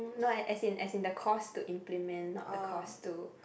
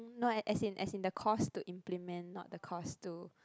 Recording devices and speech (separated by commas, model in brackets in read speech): boundary microphone, close-talking microphone, conversation in the same room